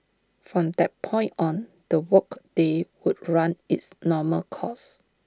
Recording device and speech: standing microphone (AKG C214), read sentence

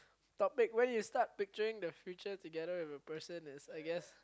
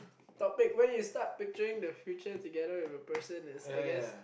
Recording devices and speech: close-talking microphone, boundary microphone, conversation in the same room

